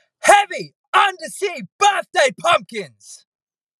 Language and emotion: English, disgusted